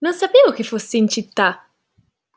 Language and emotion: Italian, surprised